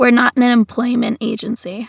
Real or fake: real